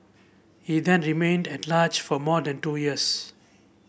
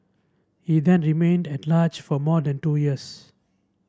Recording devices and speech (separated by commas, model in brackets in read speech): boundary microphone (BM630), standing microphone (AKG C214), read sentence